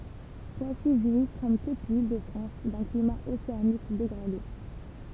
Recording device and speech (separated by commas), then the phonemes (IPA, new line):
temple vibration pickup, read sentence
pwasi ʒwi kɔm tut lildəfʁɑ̃s dœ̃ klima oseanik deɡʁade